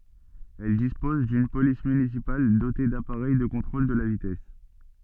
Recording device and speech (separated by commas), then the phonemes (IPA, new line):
soft in-ear microphone, read sentence
ɛl dispɔz dyn polis mynisipal dote dapaʁɛj də kɔ̃tʁol də la vitɛs